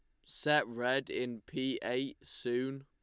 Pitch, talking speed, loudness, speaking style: 130 Hz, 140 wpm, -35 LUFS, Lombard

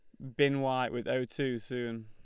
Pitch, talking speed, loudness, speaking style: 125 Hz, 220 wpm, -32 LUFS, Lombard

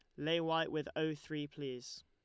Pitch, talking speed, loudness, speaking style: 150 Hz, 195 wpm, -39 LUFS, Lombard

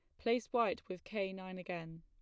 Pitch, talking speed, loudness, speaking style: 185 Hz, 200 wpm, -39 LUFS, plain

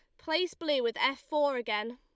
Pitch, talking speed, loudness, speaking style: 300 Hz, 205 wpm, -31 LUFS, Lombard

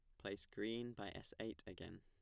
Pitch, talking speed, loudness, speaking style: 100 Hz, 200 wpm, -49 LUFS, plain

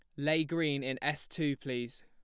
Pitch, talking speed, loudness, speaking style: 145 Hz, 195 wpm, -34 LUFS, plain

